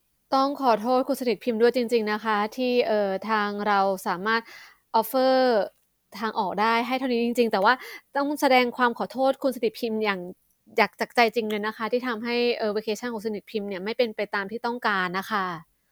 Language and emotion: Thai, sad